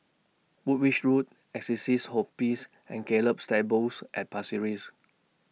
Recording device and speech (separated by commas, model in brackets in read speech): mobile phone (iPhone 6), read sentence